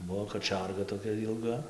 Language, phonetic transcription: Lithuanian, ˈbuo kaˈčiarga toˈkia jilˈga

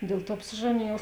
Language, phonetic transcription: Lithuanian, ˈdėl ˌtuo apsiˈžanėjau

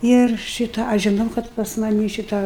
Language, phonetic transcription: Lithuanian, ir ˈšitą ˈaš žiˈnau ˈkad pas maˈnį ˈšitą

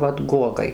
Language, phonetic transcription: Lithuanian, ˈvat ˈguogai

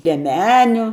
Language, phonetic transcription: Lithuanian, lieˈmeniu

